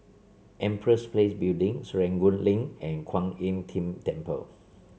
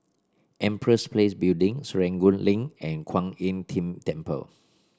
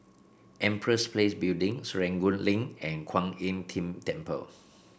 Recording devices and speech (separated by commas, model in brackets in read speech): mobile phone (Samsung C7), standing microphone (AKG C214), boundary microphone (BM630), read sentence